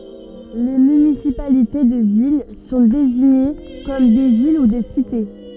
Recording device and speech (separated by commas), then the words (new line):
soft in-ear microphone, read sentence
Les municipalités de villes sont désignées comme des villes ou des cités.